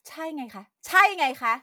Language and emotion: Thai, angry